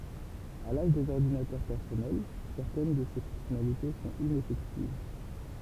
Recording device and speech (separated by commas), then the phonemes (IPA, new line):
temple vibration pickup, read sentence
a laʒ dez ɔʁdinatœʁ pɛʁsɔnɛl sɛʁtɛn də se fɔ̃ksjɔnalite sɔ̃t inɛfɛktiv